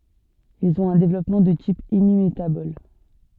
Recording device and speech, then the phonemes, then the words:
soft in-ear microphone, read sentence
ilz ɔ̃t œ̃ devlɔpmɑ̃ də tip emimetabɔl
Ils ont un développement de type hémimétabole.

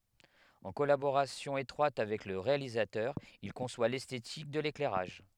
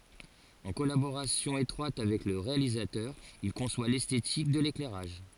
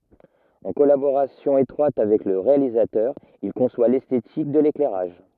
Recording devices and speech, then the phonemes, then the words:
headset microphone, forehead accelerometer, rigid in-ear microphone, read sentence
ɑ̃ kɔlaboʁasjɔ̃ etʁwat avɛk lə ʁealizatœʁ il kɔ̃swa lɛstetik də leklɛʁaʒ
En collaboration étroite avec le réalisateur, il conçoit l'esthétique de l'éclairage.

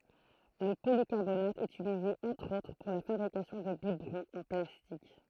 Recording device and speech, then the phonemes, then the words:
throat microphone, read sentence
lə polikaʁbonat ɛt ytilize ɑ̃tʁ otʁ puʁ la fabʁikasjɔ̃ də bibʁɔ̃z ɑ̃ plastik
Le polycarbonate est utilisé entre autres pour la fabrication de biberons en plastique.

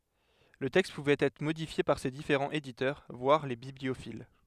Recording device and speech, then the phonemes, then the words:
headset microphone, read sentence
lə tɛkst puvɛt ɛtʁ modifje paʁ se difeʁɑ̃z editœʁ vwaʁ le bibliofil
Le texte pouvait être modifié par ses différents éditeurs, voire les bibliophiles.

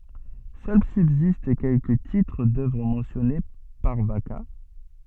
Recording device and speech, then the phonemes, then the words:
soft in-ear microphone, read sentence
sœl sybzist kɛlkə titʁ dœvʁ mɑ̃sjɔne paʁ vaka
Seuls subsistent quelques titres d'œuvre mentionnés par Vacca.

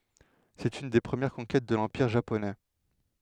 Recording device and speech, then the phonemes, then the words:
headset microphone, read sentence
sɛt yn de pʁəmjɛʁ kɔ̃kɛt də lɑ̃piʁ ʒaponɛ
C'est une des premières conquêtes de l'Empire Japonais.

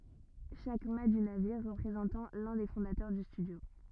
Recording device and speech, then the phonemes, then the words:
rigid in-ear microphone, read sentence
ʃak mat dy naviʁ ʁəpʁezɑ̃tɑ̃ lœ̃ de fɔ̃datœʁ dy stydjo
Chaque mat du navire représentant l'un des fondateurs du studio.

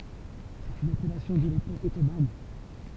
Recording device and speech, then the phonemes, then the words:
temple vibration pickup, read sentence
sɛt yn apɛlasjɔ̃ də lepok ɔtoman
C'est une appellation de l'époque ottomane.

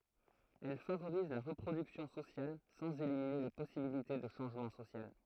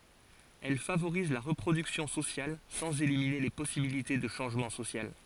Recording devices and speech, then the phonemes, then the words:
throat microphone, forehead accelerometer, read sentence
ɛl favoʁiz la ʁəpʁodyksjɔ̃ sosjal sɑ̃z elimine le pɔsibilite də ʃɑ̃ʒmɑ̃ sosjal
Elle favorise la reproduction sociale sans éliminer les possibilités de changement social.

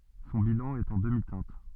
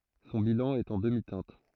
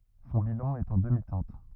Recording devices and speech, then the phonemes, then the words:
soft in-ear microphone, throat microphone, rigid in-ear microphone, read sentence
sɔ̃ bilɑ̃ ɛt ɑ̃ dəmitɛ̃t
Son bilan est en demi-teinte.

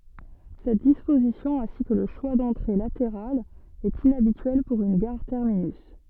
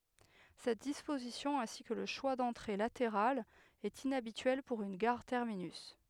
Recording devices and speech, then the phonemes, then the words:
soft in-ear microphone, headset microphone, read sentence
sɛt dispozisjɔ̃ ɛ̃si kə lə ʃwa dɑ̃tʁe lateʁalz ɛt inabityɛl puʁ yn ɡaʁ tɛʁminys
Cette disposition, ainsi que le choix d'entrées latérales, est inhabituelle pour une gare terminus.

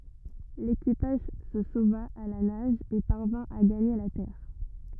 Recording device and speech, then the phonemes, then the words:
rigid in-ear microphone, read sentence
lekipaʒ sə sova a la naʒ e paʁvɛ̃ a ɡaɲe la tɛʁ
L'équipage se sauva à la nage et parvint à gagner la terre.

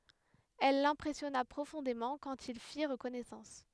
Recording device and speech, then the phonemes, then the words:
headset microphone, read sentence
ɛl lɛ̃pʁɛsjɔna pʁofɔ̃demɑ̃ kɑ̃t il fiʁ kɔnɛsɑ̃s
Elle l’impressionna profondément quand ils firent connaissance.

